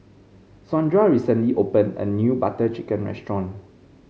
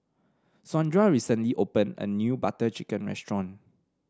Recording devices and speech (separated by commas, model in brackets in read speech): mobile phone (Samsung C5), standing microphone (AKG C214), read sentence